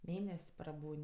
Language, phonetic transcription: Lithuanian, ˈmėnes' praˈbūn'

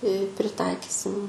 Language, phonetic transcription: Lithuanian, i priˈtaikisim

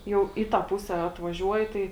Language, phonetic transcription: Lithuanian, ˈjau ˈį ˌtą ˈpuse atvaˈžiuoji ˈtai

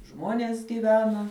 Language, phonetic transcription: Lithuanian, ˈžmonės gyˈvena

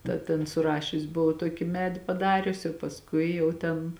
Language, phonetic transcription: Lithuanian, ˈda tėn suˈrašius buˈvau ˈtoki ˈmedi paˈdariusi jau pasˈkui jau ˈten

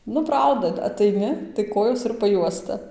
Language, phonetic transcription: Lithuanian, ˈnu ˈprauda ataiˈni tai ˈkojos ir paˈjuosta

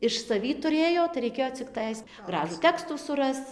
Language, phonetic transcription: Lithuanian, iš saˈvį tuˈrėjo tai reiˈkėjo cikˈtais ˈgražų ˈtekstų suˈrasc

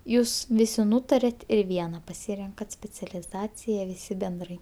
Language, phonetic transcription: Lithuanian, ˈjūs ˈvisi ˈnūtariat ir ˈviena paˈsyrenkat specialiˈzacija viˈsi benˈdrai

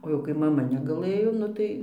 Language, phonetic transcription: Lithuanian, o jau kai maˈma negaˈlɘjo ˈnu tai

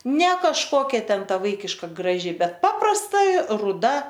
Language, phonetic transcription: Lithuanian, ne kažˈkokia ˈten ˈta ˈvaikiška graˈži ˈbet ˈpaprasta ruˈda

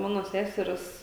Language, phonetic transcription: Lithuanian, ˈmano ˈsæseres

